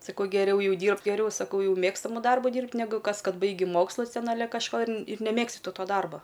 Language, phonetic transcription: Lithuanian, saˈkau geˈriau ˈjau ˈdyrbt' geˈriau saˈkau ˈjau ˈmėgstamu ˈdarbu ˈdyrbt' neˈgu ˈkas ˈkad ˈbaigi ˈmokslus ˈten aˈle kažˈko ir n ir neˈmėgsti ˈtu ˈto ˈdarba

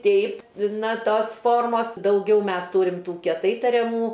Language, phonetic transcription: Lithuanian, ˈteip ˈna ˈtos ˈformos dauˈgiau ˈmes ˈtūrim ˈtų kieˈtai tariaˈmų

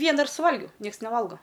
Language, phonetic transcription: Lithuanian, ˈviena ir suˈvalgiau ˈnieks neˈvalgo

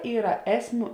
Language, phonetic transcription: Lithuanian, ˈyra ˈesˌmių

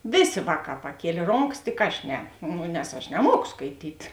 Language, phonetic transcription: Lithuanian, ˈvėˌsė ˈvāˌkā paˈkielė ˈronkas tik ˈaš ˈne ˈnu nes ˈaš neˈmuoko skaiˈtyt

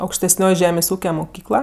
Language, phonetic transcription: Lithuanian, aukštesˈnioj ˈžemės' ˈūke muˈkykla

